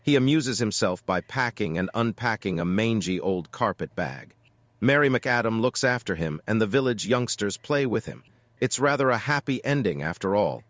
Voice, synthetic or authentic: synthetic